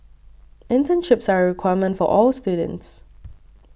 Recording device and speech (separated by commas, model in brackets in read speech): boundary microphone (BM630), read sentence